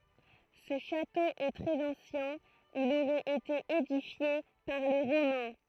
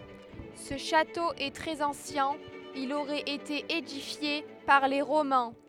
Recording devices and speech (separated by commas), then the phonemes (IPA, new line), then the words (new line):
throat microphone, headset microphone, read sentence
sə ʃato ɛ tʁɛz ɑ̃sjɛ̃ il oʁɛt ete edifje paʁ le ʁomɛ̃
Ce château est très ancien, il aurait été édifié par les Romains.